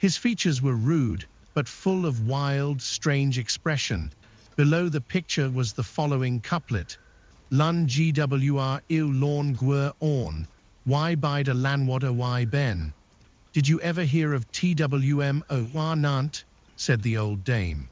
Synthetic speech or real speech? synthetic